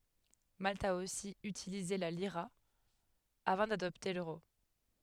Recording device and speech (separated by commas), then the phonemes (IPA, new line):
headset microphone, read sentence
malt a osi ytilize la liʁa avɑ̃ dadɔpte løʁo